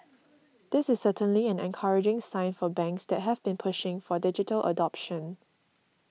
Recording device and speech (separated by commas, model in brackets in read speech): mobile phone (iPhone 6), read sentence